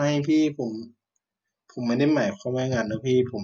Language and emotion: Thai, frustrated